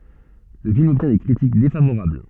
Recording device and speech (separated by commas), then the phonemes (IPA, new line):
soft in-ear microphone, read sentence
lə film ɔbtjɛ̃ de kʁitik defavoʁabl